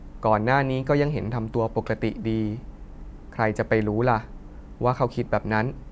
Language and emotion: Thai, sad